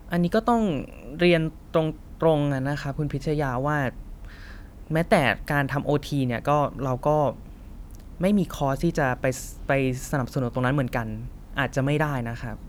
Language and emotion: Thai, frustrated